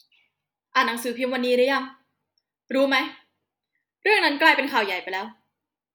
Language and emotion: Thai, angry